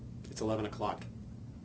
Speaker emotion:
neutral